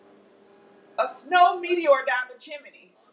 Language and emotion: English, surprised